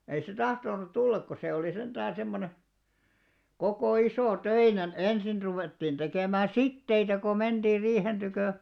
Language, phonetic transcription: Finnish, ei se "tahtonut 'tullak ko se olì 'sentäää̰ semmone , 'kokò 'isò"töinen "ensin 'ruvèttiin tekèmä̀ "sitteitä ko 'menᴅiir̆ 'riihen ᴅykö̀ ,.
- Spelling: ei se tahtonut tulla kun se oli sentään semmoinen koko isotöinen ensin ruvettiin tekemään siteitä kun mentiin riihen tykö

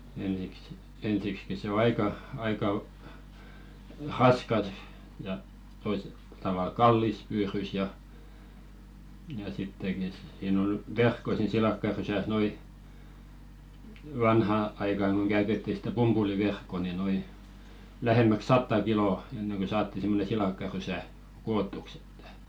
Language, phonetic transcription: Finnish, ensiksi , 'ensikski se o "aika , 'aika , 'raskas , ja , toise- , tavàl "kallis 'pyyrys ja , ja 'sitteki siin ‿ol "verkko 'siin 'silakkarysäs nᵉ ‿oli , "vanha 'aikàŋ ɢoŋ ɢäytetti sⁱtä "pumpuli'verkko ni noi , 'lähemmäk "satta "kilò , enneŋ kö "saatti simmone 'silàkka'rysä , 'koottuks ‿ᴇttᴀ̈ .
- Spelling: ensiksi ensiksikin se on aika aika raskas ja - tavalla kallis pyydys ja ja sittenkin siinä oli verkko siinä silakkarysässä ne oli vanhaan aikaan kun käytettiin sitä pumpuliverkkoa niin nuo lähemmäksi sataa kiloa ennen kuin saatiin semmoinen silakkarysä kootuksi että

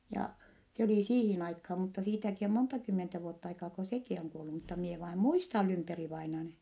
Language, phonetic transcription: Finnish, ja , se olì siihin aikhaa , mutta siitäki om monta kymmentä vuott ‿aikaa ko sekì oŋ kuollu mutta mie vaim muistal Lymperi-vainan .
- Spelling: ja se oli siihen aikaa mutta siitäkin on monta kymmentä vuotta aikaa kun sekin on kuollut mutta minä vain muistan Lymperi-vainajan

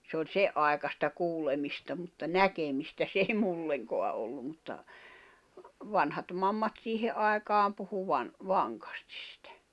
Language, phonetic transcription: Finnish, se ‿oĺ "se’ ’aekasta 'kuulemista mutta "näkemistä s ‿èi 'mulleŋkoa ollum̆ mutta , 'vanhat 'mammat 'siihe’ ’ai̬kaam puhu van- , 'vaŋkᴀstIs sɪtᴀ̈ .
- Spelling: se oli sen aikaista kuulemista mutta näkemistä se ei minullekaan ollut mutta vanhat mammat siihen aikaan puhui - vankasti sitä

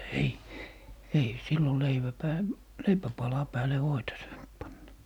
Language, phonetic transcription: Finnish, "ei , 'ei 'sillo 'leivä 'pää- , "leipäpala 'pääle 'voita saant panna .
- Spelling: ei ei silloin leivän - leipäpalan päälle voita saanut panna

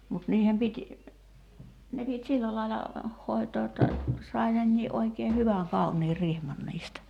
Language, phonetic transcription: Finnish, mut 'niihem pit́ , ne pit́ "sillä laila , 'hòi̬too jotta , sai 'nennii’ ’oikee 'hyväŋ 'kaunii 'rihman niistä .
- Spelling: mutta niiden piti ne piti sillä lailla hoitaa jotta sai nekin oikein hyvän kauniin rihman niistä

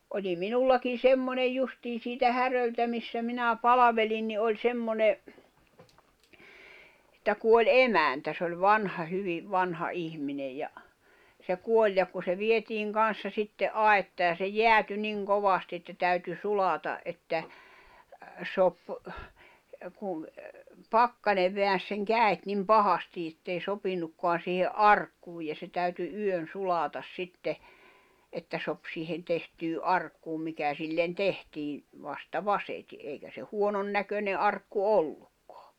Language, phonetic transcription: Finnish, oĺi 'minullakin̬ "semmonej 'justii siitä 'Häröltä missä 'minä "palavelin ni oĺ 'semmone , ᵉᵗtä kuoĺ "emäntä s ‿oĺ 'vanha hyviv 'vanha '’ihminej ja , se 'kuoĺ ja ku se 'vietiiŋ 'kanssa sitte '’ai̬ttaa ja se "jeäty "niŋ "kovasti että täyty 'sulata’ ’että , sop , 'kun̬ , "pakkane veän̬s seŋ "kä̀i̬t nim "pahasti ettei 'sopinnukkoan̬ siihe "’arkkuuj ja se täyty 'yön 'sulatas 'sitte , että sop siihen 'tehtyy "’arkkuum mikä sillen "tehtii , vasta "vaseti’ ’eikä se 'huonon näköne '’arkku "ollukkᴏᴀ .
- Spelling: oli minullakin semmoinen justiin siitä Häröltä missä minä palvelin niin oli semmoinen että kuoli emäntä se oli vanha hyvin vanha ihminen ja se kuoli ja kun se vietiin kanssa sitten aittaan ja se jäätyi niin kovasti että täytyi sulaa että sopi kun pakkanen väänsi sen kädet niin pahasti että ei sopinutkaan siihen arkkuun ja se täytyi yön sulaa sitten että sopi siihen tehtyyn arkkuun mikä sille tehtiin vasta vasiten eikä se huonon näköinen arkku ollutkaan

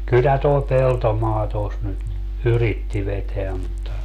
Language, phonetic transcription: Finnish, kyllä toi "Peltomaa tos nyt , "yritti 'veteä mutta ,.
- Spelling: kyllä tuo Peltomaa tuossa nyt yritti vetää mutta

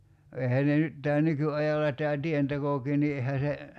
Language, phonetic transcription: Finnish, 'eihää ne nyt , tää 'nyky₍ajalla tää "tientekokii ni ehä se ,.
- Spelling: eihän ne nyt tämä nykyajalla tämä tientekokin niin eihän se

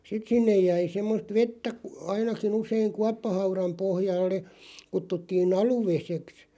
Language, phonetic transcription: Finnish, 'sit sinnej jäi 'semmost "vettä kᵘ- 'ainaki'n ‿useiŋ "kuappahauraᵐ 'pohjalle , 'kuttuttii"n ‿alu'veseks .
- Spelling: sitten sinne jäi semmoista vettä - ainakin usein kuoppahaudan pohjalle kutsuttiin aluvedeksi

